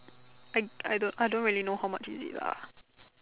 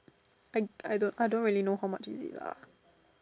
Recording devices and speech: telephone, standing microphone, conversation in separate rooms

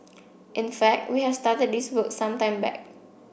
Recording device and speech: boundary microphone (BM630), read sentence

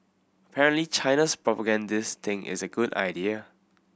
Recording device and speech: boundary microphone (BM630), read sentence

